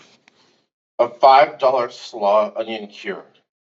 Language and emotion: English, surprised